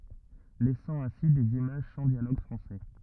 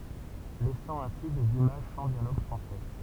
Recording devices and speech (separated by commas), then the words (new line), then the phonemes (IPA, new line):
rigid in-ear microphone, temple vibration pickup, read sentence
Laissant ainsi des images sans dialogue français.
lɛsɑ̃ ɛ̃si dez imaʒ sɑ̃ djaloɡ fʁɑ̃sɛ